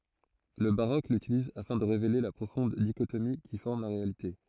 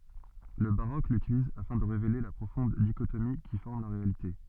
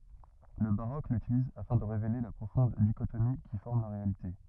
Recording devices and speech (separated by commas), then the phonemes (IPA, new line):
throat microphone, soft in-ear microphone, rigid in-ear microphone, read sentence
lə baʁok lytiliz afɛ̃ də ʁevele la pʁofɔ̃d diʃotomi ki fɔʁm la ʁealite